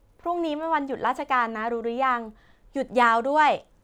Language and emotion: Thai, happy